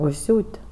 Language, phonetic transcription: Lithuanian, užˈsiūt'

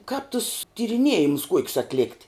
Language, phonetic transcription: Lithuanian, kāp tus tiriˈniejimus ˈkuokius atˈlekt

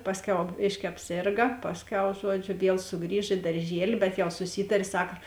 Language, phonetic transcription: Lithuanian, ˈpasˌkiau ˈbėški apˈsėrga ˈpasˌkiau ˈžuoˌdžiu ˈviel suˈgrįž i darˈžieli bet jau suˈsytarė ˈsaka

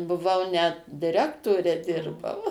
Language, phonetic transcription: Lithuanian, buˈvau net diˈrektore ˈdirbau

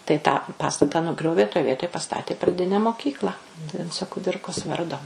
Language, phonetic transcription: Lithuanian, tai tą paˈstata nuˈgriovė toj ˈvietoj paˈstatė praˈdine moˈkykla ˈvinco kuˈdirkos ˈvardo

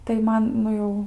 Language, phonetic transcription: Lithuanian, tai ˈman ˈnu jau

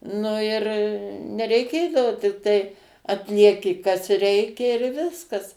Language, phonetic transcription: Lithuanian, ˈnu ir nereiˈkėdavo tikˈtai atlieˈki kas ˈreikia ir ˈviskas

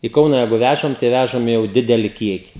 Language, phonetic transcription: Lithuanian, i ˈkauna ˈjeigu ˈvæžam tai ˈvæžam jau ˈdideli ˈkieki

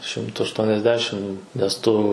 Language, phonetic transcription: Lithuanian, ˈšimtu ašˈtuoniasˌdešim nes ˈtu

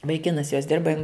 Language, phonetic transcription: Lithuanian, vaiˈkinas jos ˈdirba jin

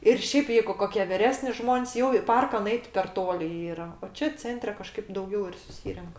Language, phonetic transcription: Lithuanian, ir ˈšėp ˈjeigu ˈkokie viˈresni ˈžmon's' jau i ˈparka nuˈeit per ˈtoli ˈyra o ˈčia ˈcentre kaˈžkaip dauˈgiau ir suˈsyrenk

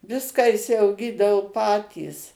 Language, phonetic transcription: Lithuanian, ˈviską išsiauˈgydavo ˈpatys

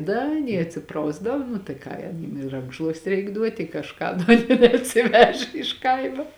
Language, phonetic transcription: Lithuanian, ˈda aˈnie atˈsiprausdav nu tai ˈką jam i ˈrankšluosti ˈreik ˈduoti i kažˈką neatsiˈveže iš ˈkaimo

